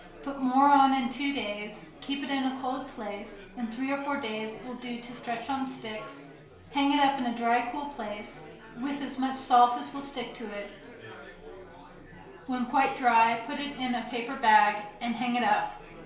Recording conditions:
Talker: one person; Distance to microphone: 1.0 m; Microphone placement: close; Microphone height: 1.1 m; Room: small (3.7 m by 2.7 m); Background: babble

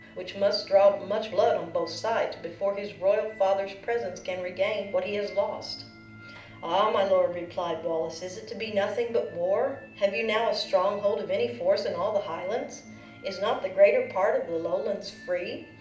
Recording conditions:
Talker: one person; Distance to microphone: 2.0 m; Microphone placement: close; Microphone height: 99 cm; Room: medium-sized (5.7 m by 4.0 m); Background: music

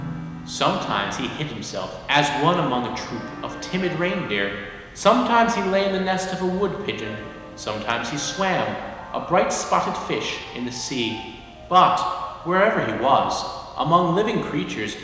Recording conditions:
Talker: one person; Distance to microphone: 1.7 m; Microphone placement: close; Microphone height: 1.0 m; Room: very reverberant, large; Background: music

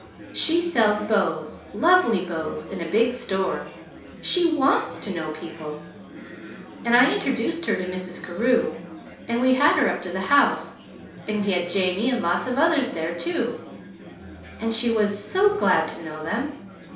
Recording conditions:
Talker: one person; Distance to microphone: 3.0 m; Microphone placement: far; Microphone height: 1.8 m; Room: small (3.7 m by 2.7 m); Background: babble

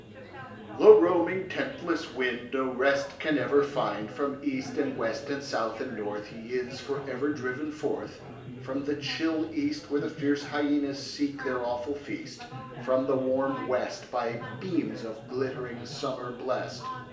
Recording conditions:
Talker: one person; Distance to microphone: 1.8 m; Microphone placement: close; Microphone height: 1.0 m; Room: large; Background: babble

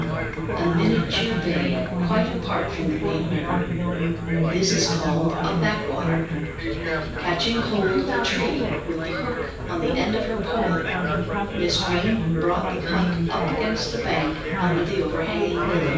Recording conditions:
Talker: one person; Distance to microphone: 9.8 m; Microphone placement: far; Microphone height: 1.8 m; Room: large; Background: babble

